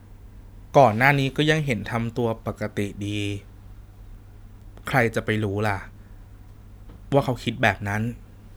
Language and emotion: Thai, sad